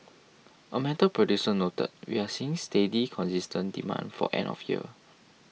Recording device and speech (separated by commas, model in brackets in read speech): mobile phone (iPhone 6), read sentence